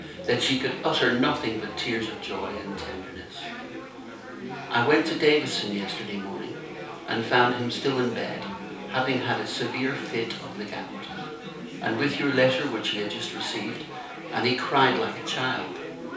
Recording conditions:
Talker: one person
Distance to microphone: 3.0 m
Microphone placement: far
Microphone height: 1.8 m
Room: small (3.7 m by 2.7 m)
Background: babble

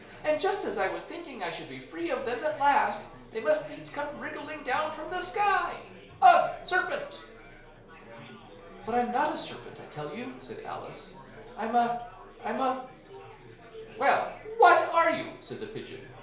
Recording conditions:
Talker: one person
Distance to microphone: 1.0 m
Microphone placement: close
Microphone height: 1.1 m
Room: small (3.7 m by 2.7 m)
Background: babble

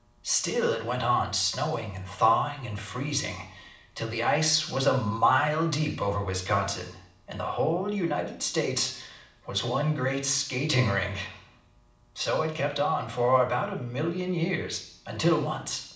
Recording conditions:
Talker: one person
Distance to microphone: 2.0 m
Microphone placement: close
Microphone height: 99 cm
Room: medium-sized (5.7 m by 4.0 m)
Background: none

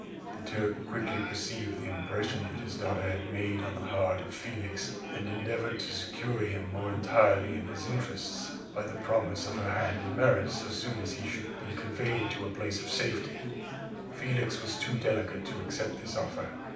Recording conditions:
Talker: one person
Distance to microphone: 5.8 m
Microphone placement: far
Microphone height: 1.8 m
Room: medium-sized (5.7 m by 4.0 m)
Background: babble

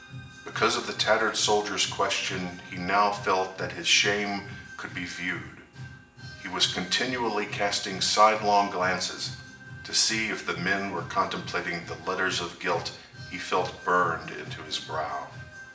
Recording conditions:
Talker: one person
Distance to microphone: 1.8 m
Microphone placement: close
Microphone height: 1.0 m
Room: large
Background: music

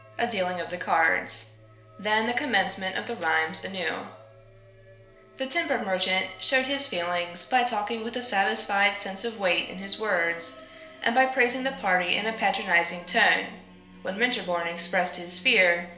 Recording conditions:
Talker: one person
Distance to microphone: 1.0 m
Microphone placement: close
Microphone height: 1.1 m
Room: small (3.7 m by 2.7 m)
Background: music

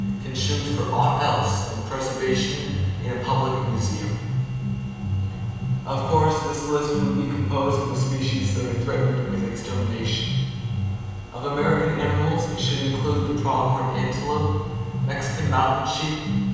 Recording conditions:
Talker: one person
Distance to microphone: 7.1 m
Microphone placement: far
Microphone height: 1.7 m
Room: very reverberant, large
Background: music

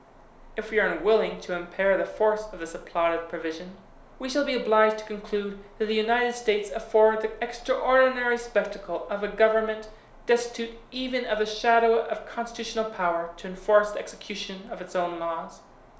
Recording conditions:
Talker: one person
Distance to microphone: 1.0 m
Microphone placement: close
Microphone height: 1.1 m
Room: small (3.7 m by 2.7 m)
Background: none

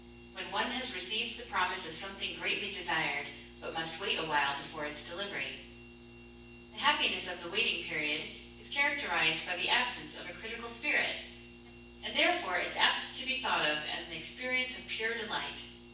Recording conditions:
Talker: one person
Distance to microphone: 9.8 m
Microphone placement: far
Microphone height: 1.8 m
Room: large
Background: none

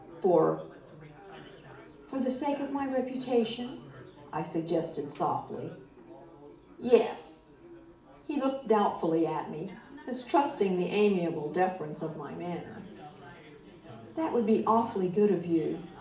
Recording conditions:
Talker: one person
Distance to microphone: 2.0 m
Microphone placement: close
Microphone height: 99 cm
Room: medium-sized (5.7 m by 4.0 m)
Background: babble

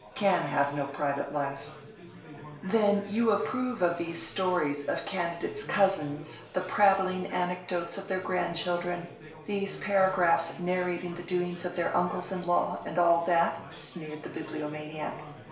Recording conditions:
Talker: one person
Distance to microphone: 1.0 m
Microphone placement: close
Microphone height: 1.1 m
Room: small (3.7 m by 2.7 m)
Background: babble

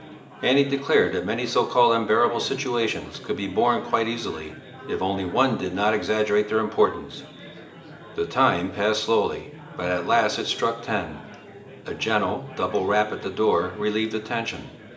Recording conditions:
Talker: one person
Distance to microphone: 1.8 m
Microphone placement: close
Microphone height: 1.0 m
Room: large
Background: babble

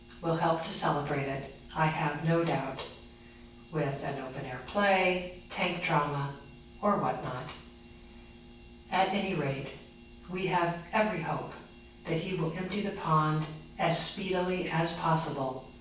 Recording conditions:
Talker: one person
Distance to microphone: 9.8 m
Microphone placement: far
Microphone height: 1.8 m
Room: large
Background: none

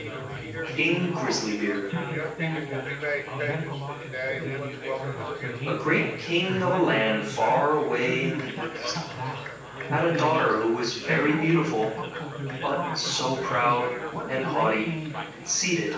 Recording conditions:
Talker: one person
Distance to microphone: 9.8 m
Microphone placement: far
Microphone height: 1.8 m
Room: large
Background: babble

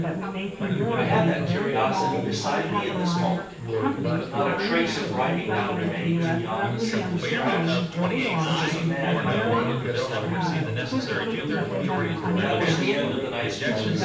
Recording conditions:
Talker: one person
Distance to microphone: 9.8 m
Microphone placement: far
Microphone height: 1.8 m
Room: large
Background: babble

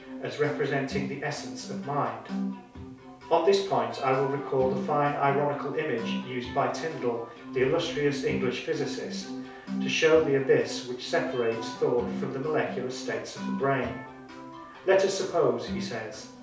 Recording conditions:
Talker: one person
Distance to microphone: 3.0 m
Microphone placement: far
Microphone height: 1.8 m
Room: small (3.7 m by 2.7 m)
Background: music

